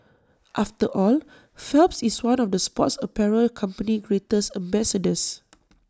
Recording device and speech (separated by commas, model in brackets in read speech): standing microphone (AKG C214), read sentence